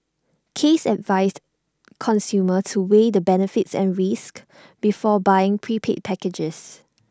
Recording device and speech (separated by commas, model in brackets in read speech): standing microphone (AKG C214), read sentence